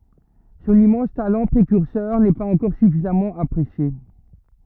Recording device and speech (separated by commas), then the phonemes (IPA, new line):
rigid in-ear microphone, read sentence
sɔ̃n immɑ̃s talɑ̃ pʁekyʁsœʁ nɛ paz ɑ̃kɔʁ syfizamɑ̃ apʁesje